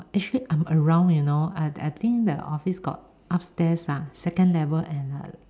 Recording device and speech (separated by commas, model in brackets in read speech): standing microphone, conversation in separate rooms